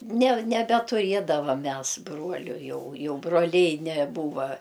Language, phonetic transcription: Lithuanian, ne nebetuˈriedavam ˈmes ˈbruoliu ˈjau ˈjau broˈliai neˈbūva

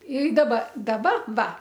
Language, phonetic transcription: Lithuanian, i daˈba daˈba ˈva

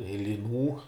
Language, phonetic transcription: Lithuanian, i liˈnų

